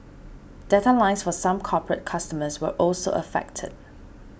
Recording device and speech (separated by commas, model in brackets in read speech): boundary microphone (BM630), read sentence